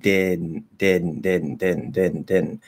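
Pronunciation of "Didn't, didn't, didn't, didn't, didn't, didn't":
In 'didn't', the second d is silent. It is the faster, lazier way of saying the word.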